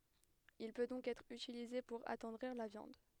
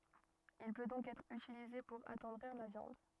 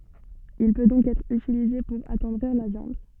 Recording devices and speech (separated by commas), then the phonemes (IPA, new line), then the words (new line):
headset microphone, rigid in-ear microphone, soft in-ear microphone, read sentence
il pø dɔ̃k ɛtʁ ytilize puʁ atɑ̃dʁiʁ la vjɑ̃d
Il peut donc être utilisé pour attendrir la viande.